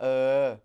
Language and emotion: Thai, frustrated